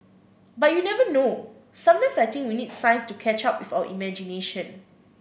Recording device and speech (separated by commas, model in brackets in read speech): boundary microphone (BM630), read sentence